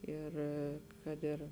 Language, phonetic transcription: Lithuanian, ˈir ˈkad ir

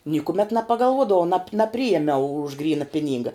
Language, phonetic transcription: Lithuanian, nykuˈmet nepagalˈvuodavau nap naˈpriėmiau už ˈgryna ˈpiˌnynga

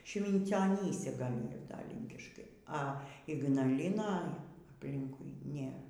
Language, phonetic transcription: Lithuanian, švincioˈnyse ˈgal' ˈyr da ˈlynkiškai a ignaˈliną apˈlinkui ˈnėr

